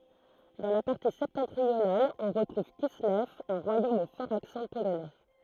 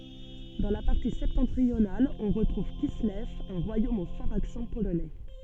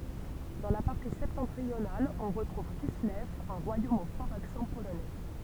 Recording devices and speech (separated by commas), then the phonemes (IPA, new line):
throat microphone, soft in-ear microphone, temple vibration pickup, read sentence
dɑ̃ la paʁti sɛptɑ̃tʁional ɔ̃ ʁətʁuv kislɛv œ̃ ʁwajom o fɔʁz aksɑ̃ polonɛ